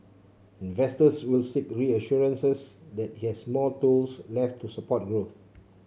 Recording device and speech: mobile phone (Samsung C7), read sentence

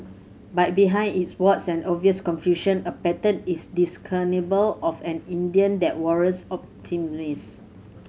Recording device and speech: mobile phone (Samsung C7100), read sentence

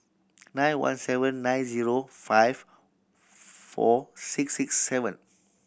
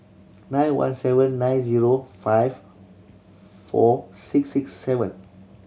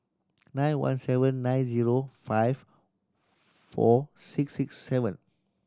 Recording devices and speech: boundary microphone (BM630), mobile phone (Samsung C7100), standing microphone (AKG C214), read sentence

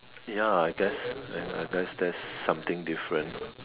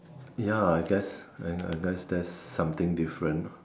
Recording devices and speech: telephone, standing microphone, conversation in separate rooms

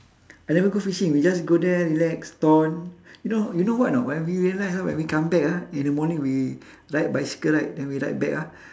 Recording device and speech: standing microphone, conversation in separate rooms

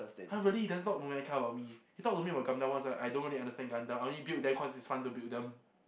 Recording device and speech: boundary microphone, conversation in the same room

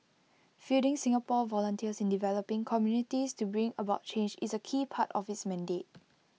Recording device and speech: mobile phone (iPhone 6), read sentence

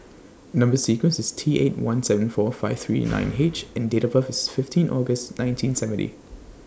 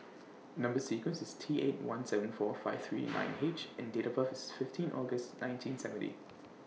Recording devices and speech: standing microphone (AKG C214), mobile phone (iPhone 6), read sentence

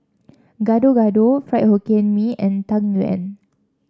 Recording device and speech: standing microphone (AKG C214), read sentence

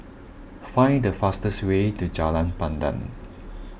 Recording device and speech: boundary microphone (BM630), read sentence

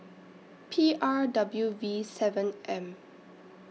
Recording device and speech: mobile phone (iPhone 6), read sentence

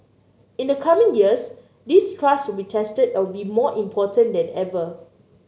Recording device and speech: mobile phone (Samsung C9), read sentence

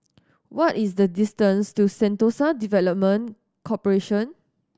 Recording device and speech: standing microphone (AKG C214), read sentence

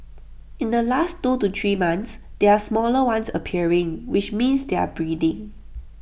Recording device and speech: boundary microphone (BM630), read sentence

